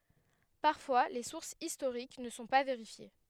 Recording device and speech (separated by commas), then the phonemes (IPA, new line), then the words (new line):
headset microphone, read sentence
paʁfwa le suʁsz istoʁik nə sɔ̃ pa veʁifje
Parfois les sources historiques ne sont pas vérifiées.